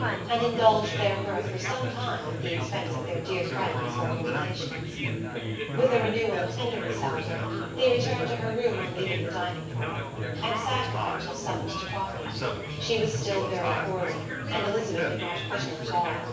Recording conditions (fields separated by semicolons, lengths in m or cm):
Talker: one person; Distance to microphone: 9.8 m; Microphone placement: far; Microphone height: 1.8 m; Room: large; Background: babble